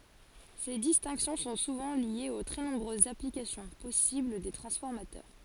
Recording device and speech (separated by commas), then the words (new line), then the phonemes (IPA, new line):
forehead accelerometer, read sentence
Ces distinctions sont souvent liées aux très nombreuses applications possibles des transformateurs.
se distɛ̃ksjɔ̃ sɔ̃ suvɑ̃ ljez o tʁɛ nɔ̃bʁøzz aplikasjɔ̃ pɔsibl de tʁɑ̃sfɔʁmatœʁ